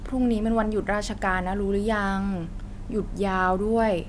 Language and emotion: Thai, frustrated